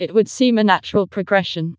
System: TTS, vocoder